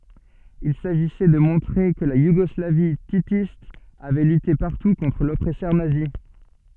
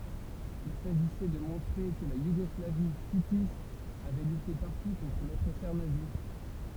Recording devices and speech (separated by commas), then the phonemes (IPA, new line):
soft in-ear microphone, temple vibration pickup, read sentence
il saʒisɛ də mɔ̃tʁe kə la juɡɔslavi titist avɛ lyte paʁtu kɔ̃tʁ lɔpʁɛsœʁ nazi